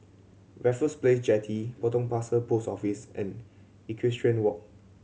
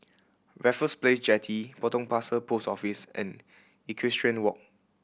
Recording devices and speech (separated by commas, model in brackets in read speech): mobile phone (Samsung C7100), boundary microphone (BM630), read sentence